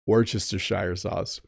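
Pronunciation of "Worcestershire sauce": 'Worcestershire sauce' is pronounced incorrectly here.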